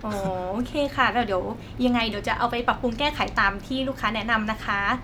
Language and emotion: Thai, happy